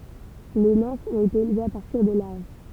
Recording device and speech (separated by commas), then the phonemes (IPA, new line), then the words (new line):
temple vibration pickup, read sentence
le nɛ̃fz ɔ̃t ete elvez a paʁtiʁ de laʁv
Les nymphes ont été élevées à partir des larves.